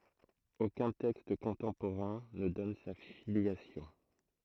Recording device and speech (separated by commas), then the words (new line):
throat microphone, read sentence
Aucun texte contemporain ne donne sa filiation.